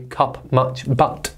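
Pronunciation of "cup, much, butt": The vowel in 'cup', 'much' and 'butt' is said the way it is in the south of England.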